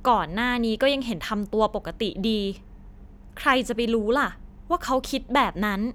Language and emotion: Thai, frustrated